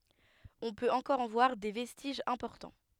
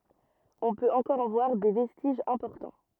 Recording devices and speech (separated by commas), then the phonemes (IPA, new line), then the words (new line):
headset microphone, rigid in-ear microphone, read sentence
ɔ̃ pøt ɑ̃kɔʁ ɑ̃ vwaʁ de vɛstiʒz ɛ̃pɔʁtɑ̃
On peut encore en voir des vestiges importants.